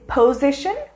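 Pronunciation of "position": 'Position' is pronounced incorrectly here.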